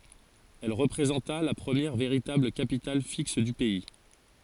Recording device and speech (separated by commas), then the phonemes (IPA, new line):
forehead accelerometer, read sentence
ɛl ʁəpʁezɑ̃ta la pʁəmjɛʁ veʁitabl kapital fiks dy pɛi